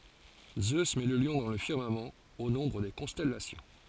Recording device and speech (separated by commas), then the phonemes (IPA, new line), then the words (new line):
forehead accelerometer, read sentence
zø mɛ lə ljɔ̃ dɑ̃ lə fiʁmamɑ̃ o nɔ̃bʁ de kɔ̃stɛlasjɔ̃
Zeus met le lion dans le firmament, au nombre des constellations.